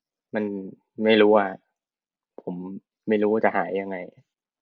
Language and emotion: Thai, frustrated